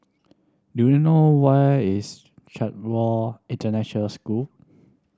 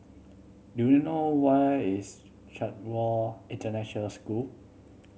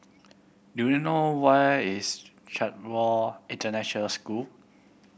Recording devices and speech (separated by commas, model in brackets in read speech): standing microphone (AKG C214), mobile phone (Samsung C7100), boundary microphone (BM630), read sentence